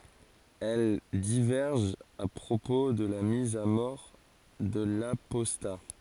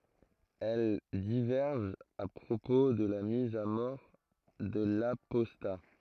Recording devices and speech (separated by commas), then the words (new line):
forehead accelerometer, throat microphone, read sentence
Elles divergent à propos de la mise à mort de l'apostat.